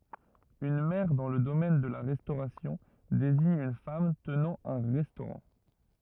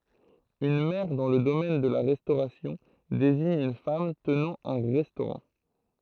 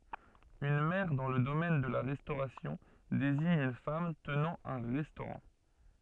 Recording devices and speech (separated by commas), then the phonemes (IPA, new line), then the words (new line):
rigid in-ear microphone, throat microphone, soft in-ear microphone, read sentence
yn mɛʁ dɑ̃ lə domɛn də la ʁɛstoʁasjɔ̃ deziɲ yn fam tənɑ̃ œ̃ ʁɛstoʁɑ̃
Une Mère dans le domaine de la restauration désigne une femme tenant un restaurant.